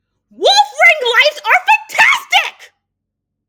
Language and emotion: English, angry